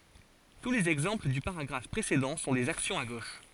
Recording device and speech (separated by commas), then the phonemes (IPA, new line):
forehead accelerometer, read sentence
tu lez ɛɡzɑ̃pl dy paʁaɡʁaf pʁesedɑ̃ sɔ̃ dez aksjɔ̃z a ɡoʃ